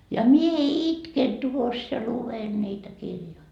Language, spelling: Finnish, ja minä itken tuossa ja luen niitä kirjoja
- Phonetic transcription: ja 'mie "itken tuos ja 'luven niitä 'kirjoi .

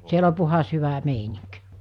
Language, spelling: Finnish, siellä on puhdas hyvä meininki
- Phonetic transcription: 'siel ‿o 'puhas 'hyvä 'meiniŋk .

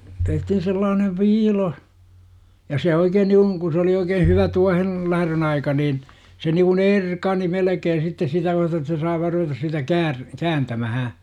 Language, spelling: Finnish, tehtiin sellainen viilo ja se oikein niin kuin kun se oli oikein hyvä tuohen lähdön aika niin se niin kuin erkani melkein sitten sitä myöten että sai vain ruveta sitä - kääntämään
- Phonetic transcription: tehtihin 'sellaanev "viilo , ja 'se 'oikeen nikun , ku sᵉ oli 'oikee 'hyvä "tuahen , "läh§rön 'aika niin , se niiŋkun "erkani 'melᵉkeen̬ sitte 'sitä myäte ᵉttä sai vaar ruvetas sitä "käär- , "kääntämähä .

